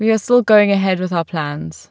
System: none